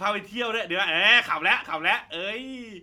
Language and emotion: Thai, happy